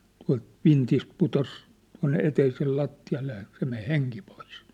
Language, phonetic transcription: Finnish, tua̭lt , 'vintist 'putos , tua̭nne eteisel 'latti₍alle ja , se men̬ "heŋki pois .
- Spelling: tuolta vintistä putosi tuonne eteisen lattialle ja se meni henki pois

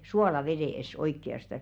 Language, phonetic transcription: Finnish, "suoolaveðès oikki₍astas .
- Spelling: suolavedessä oikeastaan

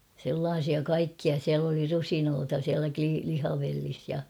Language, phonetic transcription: Finnish, sellaasia 'kaikkia siäl ‿oli "rusinoota siälä kli- 'lihavellis ja .
- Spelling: sellaisia kaikkia siellä oli rusinoita siellä - lihavellissä ja

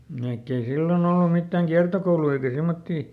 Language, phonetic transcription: Finnish, vaikk ‿ei ˈsilloˈn ‿ollum ˈmittä̀ŋ "kiartokoului eikä ˈsemmottii .
- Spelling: vaikka ei silloin ollut mitään kiertokouluja eikä semmoisia

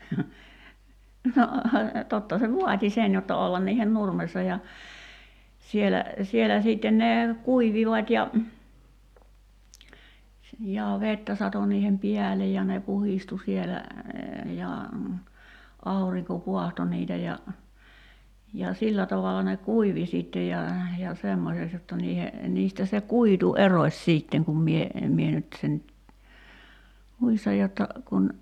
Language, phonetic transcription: Finnish, no , 'totta se "vuat́i 'sen jotta 'ollan niihen "nurmessa ja , 'sielä , sielä 'siitten ne , 'kuivivat́ ja , jaa 'vettä sato niihem "piälej ja ne 'puhistu sielä , ja , 'auriŋko "puahto niitä ja , ja , 'sillä tavala ne "kuivi sìttej ja , ja 'semmoseks jotta niihe , 'niistä se "kuitu "eroś 's̀iitteŋ kum mie , 'mie nyt sen , 'muistaj jotta , kun ,.
- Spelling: no totta se vaati sen jotta olla niiden nurmessa ja siellä siellä sitten ne kuivuivat ja ja vettä satoi niiden päälle ja ne puhdistui siellä ja aurinko paahtoi niitä ja ja sillä tavalla ne kuivui sitten ja ja semmoiseksi jotta niiden niistä se kuitu erosi sitten kun minä minä nyt sen muistan jotta kun

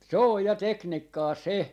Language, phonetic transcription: Finnish, 'se oj ja "teknikkaa "se .
- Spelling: se on ja tekniikkaa se

